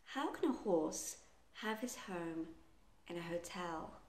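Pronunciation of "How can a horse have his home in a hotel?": The whole sentence is said quite slowly.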